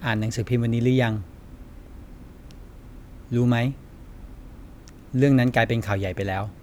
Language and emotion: Thai, frustrated